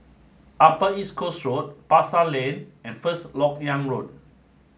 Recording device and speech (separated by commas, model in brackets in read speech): mobile phone (Samsung S8), read sentence